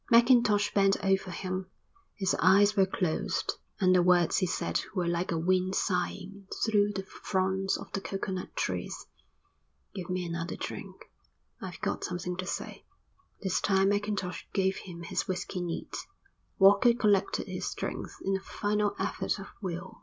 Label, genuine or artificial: genuine